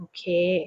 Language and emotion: Thai, neutral